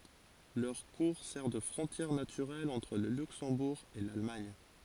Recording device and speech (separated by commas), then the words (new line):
forehead accelerometer, read sentence
Leur cours sert de frontière naturelle entre le Luxembourg et l'Allemagne.